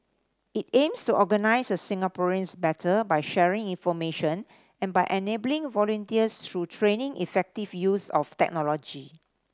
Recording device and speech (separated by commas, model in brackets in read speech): standing microphone (AKG C214), read sentence